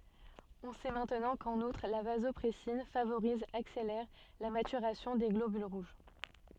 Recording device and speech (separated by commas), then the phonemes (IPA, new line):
soft in-ear microphone, read sentence
ɔ̃ sɛ mɛ̃tnɑ̃ kɑ̃n utʁ la vazɔpʁɛsin favoʁiz akselɛʁ la matyʁasjɔ̃ de ɡlobyl ʁuʒ